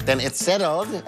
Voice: nerdy voice